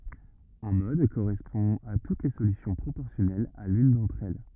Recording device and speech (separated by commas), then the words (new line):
rigid in-ear microphone, read sentence
Un mode correspond à toutes les solutions proportionnelles à l'une d'entre elles.